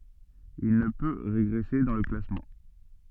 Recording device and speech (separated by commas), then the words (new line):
soft in-ear microphone, read sentence
Il ne peut régresser dans le classement.